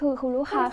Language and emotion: Thai, sad